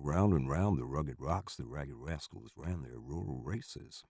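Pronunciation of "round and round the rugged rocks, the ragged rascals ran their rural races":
The tongue twister is said roughly in an American accent.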